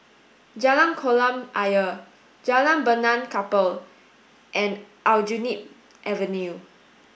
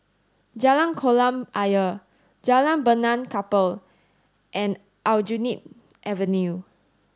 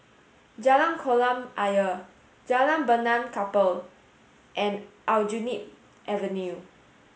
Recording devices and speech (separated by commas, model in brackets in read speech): boundary microphone (BM630), standing microphone (AKG C214), mobile phone (Samsung S8), read sentence